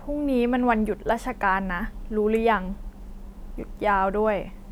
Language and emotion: Thai, frustrated